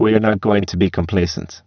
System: VC, spectral filtering